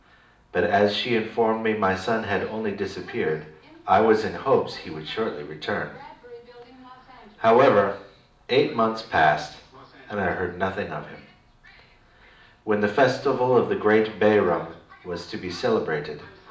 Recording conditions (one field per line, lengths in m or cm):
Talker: one person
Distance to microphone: 2.0 m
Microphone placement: close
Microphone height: 99 cm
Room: medium-sized (5.7 m by 4.0 m)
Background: television